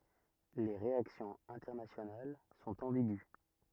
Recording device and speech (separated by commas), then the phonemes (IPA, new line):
rigid in-ear microphone, read sentence
le ʁeaksjɔ̃z ɛ̃tɛʁnasjonal sɔ̃t ɑ̃biɡy